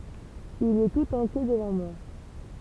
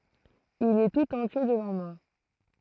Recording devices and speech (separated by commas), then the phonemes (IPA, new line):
temple vibration pickup, throat microphone, read sentence
il ɛ tut ɑ̃tje dəvɑ̃ mwa